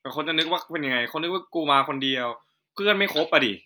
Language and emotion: Thai, frustrated